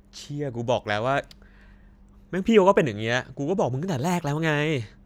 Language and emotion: Thai, frustrated